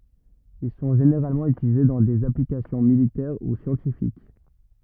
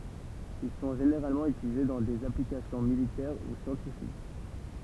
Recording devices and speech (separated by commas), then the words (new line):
rigid in-ear microphone, temple vibration pickup, read sentence
Ils sont généralement utilisés dans des applications militaires ou scientifiques.